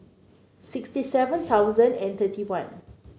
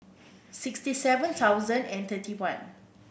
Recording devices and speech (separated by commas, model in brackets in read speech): mobile phone (Samsung C9), boundary microphone (BM630), read sentence